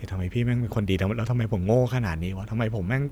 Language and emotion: Thai, frustrated